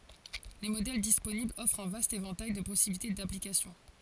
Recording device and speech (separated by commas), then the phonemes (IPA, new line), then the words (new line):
forehead accelerometer, read sentence
le modɛl disponiblz ɔfʁt œ̃ vast evɑ̃taj də pɔsibilite daplikasjɔ̃
Les modèles disponibles offrent un vaste éventail de possibilités d’application.